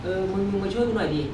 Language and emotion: Thai, neutral